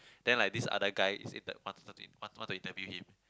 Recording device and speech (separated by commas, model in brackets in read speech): close-talking microphone, conversation in the same room